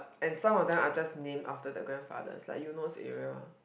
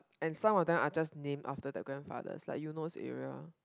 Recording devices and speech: boundary microphone, close-talking microphone, conversation in the same room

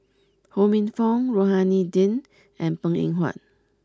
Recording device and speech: close-talking microphone (WH20), read sentence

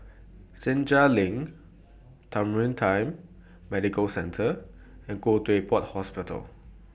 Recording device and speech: boundary microphone (BM630), read sentence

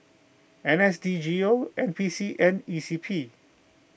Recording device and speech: boundary microphone (BM630), read sentence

